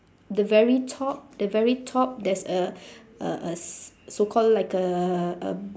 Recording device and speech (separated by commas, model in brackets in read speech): standing microphone, conversation in separate rooms